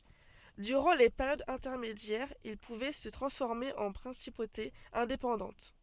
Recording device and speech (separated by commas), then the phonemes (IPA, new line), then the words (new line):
soft in-ear microphone, read sentence
dyʁɑ̃ le peʁjodz ɛ̃tɛʁmedjɛʁz il puvɛ sə tʁɑ̃sfɔʁme ɑ̃ pʁɛ̃sipotez ɛ̃depɑ̃dɑ̃t
Durant les périodes intermédiaires, ils pouvaient se transformer en principautés indépendantes.